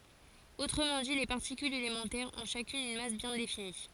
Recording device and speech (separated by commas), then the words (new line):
forehead accelerometer, read sentence
Autrement dit, les particules élémentaires ont chacune une masse bien définie.